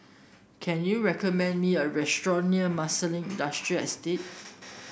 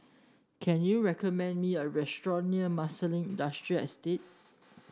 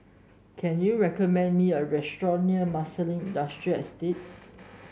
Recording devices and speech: boundary microphone (BM630), standing microphone (AKG C214), mobile phone (Samsung S8), read sentence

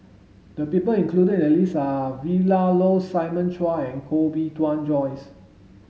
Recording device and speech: mobile phone (Samsung S8), read sentence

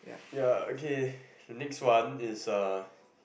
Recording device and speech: boundary microphone, conversation in the same room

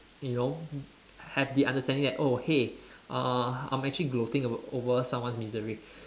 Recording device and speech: standing microphone, conversation in separate rooms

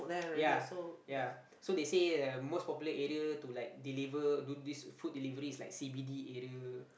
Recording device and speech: boundary microphone, conversation in the same room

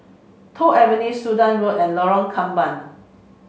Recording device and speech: mobile phone (Samsung C5), read sentence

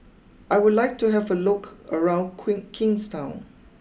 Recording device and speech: boundary microphone (BM630), read sentence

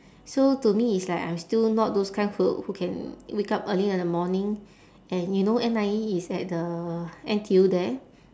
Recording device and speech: standing microphone, conversation in separate rooms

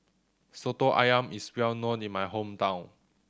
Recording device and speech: standing microphone (AKG C214), read sentence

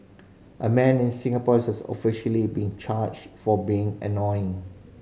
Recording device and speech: mobile phone (Samsung C5010), read sentence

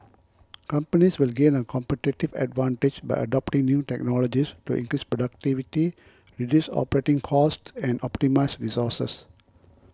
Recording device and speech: close-talking microphone (WH20), read sentence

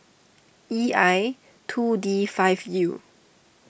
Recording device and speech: boundary microphone (BM630), read sentence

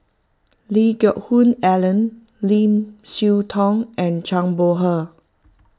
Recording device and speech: close-talking microphone (WH20), read sentence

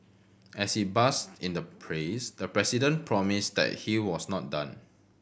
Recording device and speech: boundary microphone (BM630), read sentence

